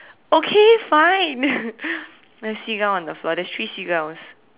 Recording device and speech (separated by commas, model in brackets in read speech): telephone, conversation in separate rooms